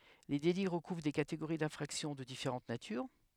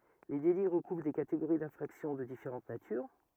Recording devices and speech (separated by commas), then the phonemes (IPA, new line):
headset microphone, rigid in-ear microphone, read sentence
le deli ʁəkuvʁ de kateɡoʁi dɛ̃fʁaksjɔ̃ də difeʁɑ̃t natyʁ